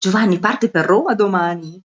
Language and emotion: Italian, happy